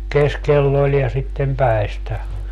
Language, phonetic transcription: Finnish, "keskell ‿oĺ ja sittem 'päi̮stä .
- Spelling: keskellä oli ja sitten päistä

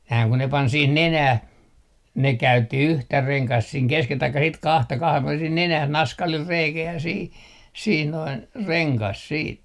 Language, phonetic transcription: Finnish, nää ku ne 'pan 'sih "nenäh , ne 'käytti yhtä 'reŋkast siiŋ 'keskel taikka sit "kahta 'kahem 'puɔlen sih 'nenäh "naskalil 'reikä ja sih , sih noin , 'reŋkas 'siit .
- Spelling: nämä kun ne pani siihen nenään ne käytti yhtä rengasta siinä keskellä tai sitten kahta kahden puolen siihen nenään naskalilla reikä ja siihen siihen noin rengas sitten

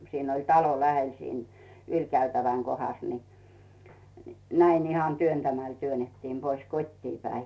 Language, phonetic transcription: Finnish, 'siin oĺ "talo 'lähel siin , "yĺkäytäväŋ 'kohas ni , 'näin ihan 'työntämäl 'työnettiim pois "kot́tii päi .
- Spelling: siinä oli talo lähellä siinä ylikäytävän kohdassa niin näin ihan työntämällä työnnettiin pois kotiin päin

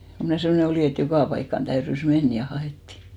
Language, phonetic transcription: Finnish, ko mnä̀ 'semmᵒne 'olì et "jokà paikkan 'täyrys "men ja 'ha₍èttì .
- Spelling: kun minä semmoinen olin että joka paikkaan täytyi mennä ja haettiin

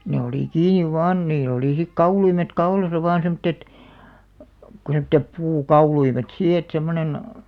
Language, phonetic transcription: Finnish, ne olì 'kiiniv "vaan 'niilˡ ‿olì sik "kauluimet "kaulasa vaan semᵒttet , ku semttep "puu'kauluimet sii et 'semmonen ,.
- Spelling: ne oli kiinni vain niillä oli sitten kauluimet kaulassa vain semmoiset kuin semmoiset puukauluimet siinä että semmoinen

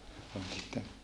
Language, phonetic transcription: Finnish, ol niitä , .
- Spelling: oli niitä

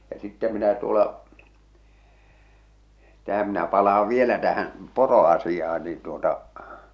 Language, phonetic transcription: Finnish, ja 'sittä minä tuola , 'tähäm minä palaav "vielä 'tähän̬ , "poro₍asijah̬ᴀɴ niin tuota .
- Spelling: ja sitten minä tuolla tähän minä palaan vielä tähän poroasiaan niin tuota

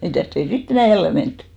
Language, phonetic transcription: Finnish, 'mitä̀st ‿ei "si't ‿enä̀ jälle 'menttʏ .
- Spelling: mitäs ei sitten enää jälleen menty

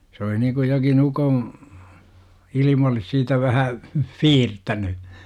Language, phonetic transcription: Finnish, sᵉ oli 'nikuj jokin 'ukom- , ilim ‿olis siitä 'vähä , "fiirtäny .
- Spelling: se oli niin kuin jokin - ukonilma olisi siitä vähän siirtänyt

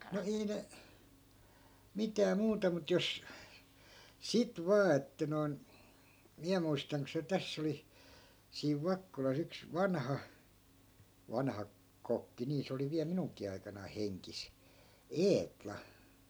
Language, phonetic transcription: Finnish, no 'ei ne , 'mitää 'muuta mut 'jos , "sit 'vaa että noi̮n , 'miä muistaŋ ko se "täss ‿oli , siiv 'vakkolas ‿yks "vanha , 'vanha , 'kokki nii se oli viäl 'minuŋk̆kii aikanai 'heŋkis , "eetla .
- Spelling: no ei ne mitään muuta mutta jos sitten vain että noin minä muistan kun se tässä oli siinä Vakkolassa yksi vanha vanha kokki niin se oli vielä minunkin aikanani hengissä Eetla

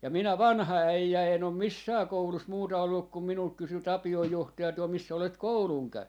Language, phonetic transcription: Finnish, ja 'minä "vanha 'äijä en ‿om "missää 'koulus 'muuta olluk kum 'minult kysy 'Tapi₍oj 'johtaja tuol » 'missä olet "kouluŋ käyn » .
- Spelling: ja minä vanha äijä en ole missään koulussa muuta ollut kun minulta kysyi Tapion johtaja tuolla missä olet koulun käynyt

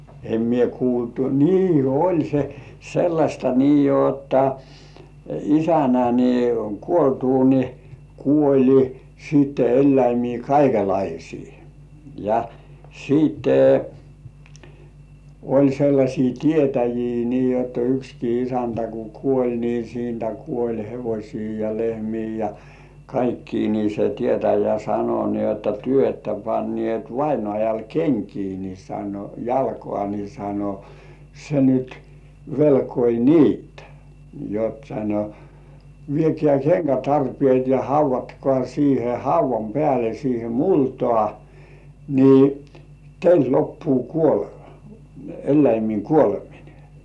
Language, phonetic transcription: Finnish, em mie kuultu , nii oĺ se sellaśta nii jotta , "isänä ni , 'kuoltuu ni , kuoĺi siitte 'elläimii kaikelaisii , ja , 'siitte , oĺ sellaśii "tietäjii nii jotta 'ykski isäntä ku "kuoĺ ni siintä kuoĺ 'hevośii ja 'lehmii ja , 'kaikkii ni se "tietäjä 'sano ni ‿otta » 'työ että pannĭèt 'vainŏàjal "keŋkii « ni sano » 'jalkŏà « ni sano » se nyt , 'velkoi "niitä « , jot sano , » 'viekĕä̀ "keŋkätarpĭèt ja 'hauv̆vatkŏà siihe 'hauv̆vam pĕä̀le siihe "multŏà , ni , 'teilt loppuu "kuolema , "elläimiiŋ 'kuoleminᴇ « .
- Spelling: en minä kuullut niin oli se sellaista niin jotta isännän niin kuoltua niin kuoli sitten eläimiä kaikenlaisia ja sitten oli sellaisia tietäjiä niin jotta yksikin isäntä kun kuoli niin siitä kuoli hevosia ja lehmiä ja kaikkia niin se tietäjä sanoi niin jotta te ette panneet vainajalle kenkiä niin sanoi jalkaan niin sanoi se nyt velkoi niitä jotta sanoi viekää kenkätarpeet ja haudatkaa siihen haudan päälle siihen multaan niin teiltä loppuu kuolema eläimien kuoleminen

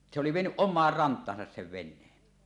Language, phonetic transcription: Finnish, niˀ , se oli 'vienyˀ "ˀom̆maar 'rant̀aasas sev "ven̆neen .
- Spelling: niin se oli vienyt omaan rantaansa sen veneen

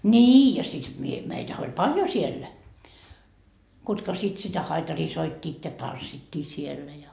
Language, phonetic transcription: Finnish, "ńii ja sit mie , 'meitäh ‿oĺ "paljo 'siellä , kutka sit sitä 'haitarii 'soittiit ja "tanssittii siellä ja .
- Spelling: niin ja sitten minä meitähän oli paljon siellä ketkä sitten sitä haitaria soittivat ja tanssittiin siellä ja

